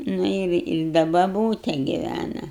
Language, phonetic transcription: Lithuanian, ˈnu ir i ˈda baˈbūte giˈvæna

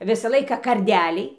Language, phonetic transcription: Lithuanian, ˈvisa ˈlaika karˈdeliai

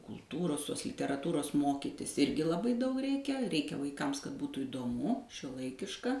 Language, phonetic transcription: Lithuanian, kulˈtūros ˈtos literaˈtūros ˈmokytis ˈirgi laˈbai ˈdaug ˈreikia ˈreikia vaiˈkams kad ˈbūtų įdoˈmu šiuoˈlaikiška

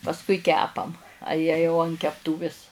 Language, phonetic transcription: Lithuanian, pasˈkui ˈkepam a ˈjie jau an kepˈtūvis

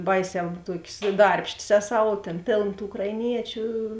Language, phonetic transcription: Lithuanian, ˈbaiˌsē ˈtuokės ˈdarbštės ˈeˌsau o ˈtėn ˈpėln tų ukraiˈniečiu

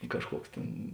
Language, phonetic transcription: Lithuanian, ˈkažˌkuoks ˈtėn

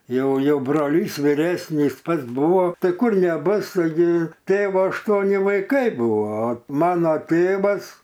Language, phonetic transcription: Lithuanian, ˈjau ˈjau broˈlys viˈresnys ˈpats ˈbuvo ˈtai ˈkur neˈbus taiˈgi ˈtėvo ašˈtuoni vaiˈkai ˈbuvo o ˈmano ˈtėvas

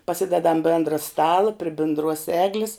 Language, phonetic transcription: Lithuanian, paˈsidedam ˈbėndra ˈstala pri bindˈruos ˈeglis

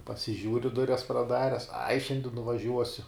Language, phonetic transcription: Lithuanian, pasiˈžiūri ˈdurias praˈdares ai ˈšiandi nuvaˈžiuosiu

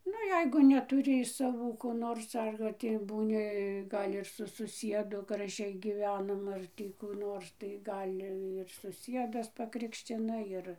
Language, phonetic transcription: Lithuanian, ˈnu ˈjeigu netuˈri iš saˈvų ko ˈnors ar tį būˈni ˈgal' ir su suˈsiedu graˈžiai gyˈvenam ˈar tį kų ˈnors tai ˈgal' ir suˈsiedas paˈkrikščina ˈjir

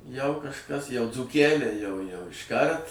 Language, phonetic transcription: Lithuanian, jau kažˈkas jau dzūˈkæliai jau jau išˈkart

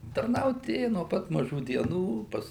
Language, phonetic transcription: Lithuanian, tarˈnaut ˈėju no ˈpat maˈžų dieˈnų ˈpas

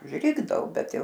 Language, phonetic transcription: Lithuanian, užˈrikdao ˈbet ˈjau

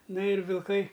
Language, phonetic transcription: Lithuanian, ˈna ir vilˈkai

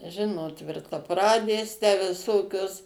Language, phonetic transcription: Lithuanian, ˈžinot tvirtaˈpradės tę viˈsokios

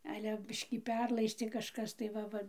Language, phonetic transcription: Lithuanian, ˈale ˈbiškį ˈperlaistė kažˈkas tai ˈva ˈva

